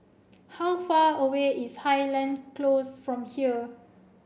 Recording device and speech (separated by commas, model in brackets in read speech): boundary microphone (BM630), read sentence